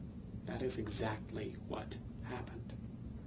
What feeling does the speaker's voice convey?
neutral